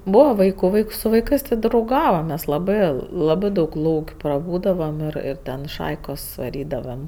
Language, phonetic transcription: Lithuanian, ˈbūva ˈvaiku ˈvaiks su vaiˈkɜs ti drauˈgavam mes laˈbɜ ˈlabɜ daug ˈlauk' praˈbūdavam ir ir ˈten ˈšaikos vaˈrydavam

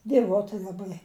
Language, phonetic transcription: Lithuanian, dieˈvoti laˈbai

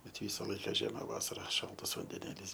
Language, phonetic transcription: Lithuanian, bet ˈvysa ˈlaika ˈžiema ˈvasara ˈšaltas vandeˈnėlys

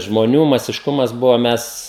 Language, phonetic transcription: Lithuanian, žmoˈnių masišˈkumas ˈbuvo ˈmes

